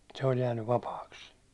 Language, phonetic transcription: Finnish, se oĺ jäännyv "vapaaks .
- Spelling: se oli jäänyt vapaaksi

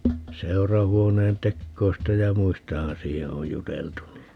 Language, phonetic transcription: Finnish, "seu̬rahuoneen 'tekkoista ja "muistahan 'siihe oj 'juteltu ni ,.
- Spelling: seurahuoneen teoista ja muistahan siihen on juteltu niin

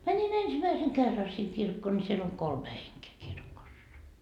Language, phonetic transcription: Finnish, 'mänin "ensimäiseŋ 'kerra siŋ 'kirkkoo ńi siel oŋ "kolme heŋkee 'kirkossa .
- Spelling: menin ensimmäisen kerran sinne kirkkoon niin siellä on kolme henkeä kirkossa

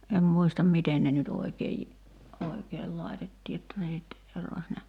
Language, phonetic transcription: Finnish, em 'muistam "miten ne nyt 'oi̬keij , oi̬keel 'lai̬tettii jotta ne nyt , ero(ś) ne ,.
- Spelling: en muista miten ne nyt oikein oikein laitettiin jotta ne nyt erosi ne

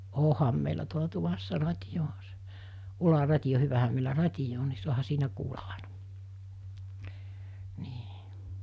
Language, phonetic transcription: Finnish, 'òham meilä tuola 'tuvassa 'rat́ijo 'oɦa se , 'ula'rat́ijo hyvähäm meilä "rat́ijo on ni suana 'siinä kuula (ˀàena) , nii .
- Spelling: onhan meillä tuolla tuvassa radio onhan se ularadio hyvähän meillä radio on niin saanut siinä kuulla aina niin

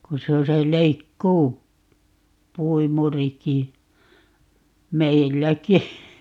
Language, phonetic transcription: Finnish, ku 'se o se 'leikkuu- , "-puimuriki , "meilläki .
- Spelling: kun se on se - leikkuupuimurikin meilläkin

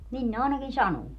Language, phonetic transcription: Finnish, 'nin ne ài̮nakin "sanuu .
- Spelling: niin ne ainakin sanoo

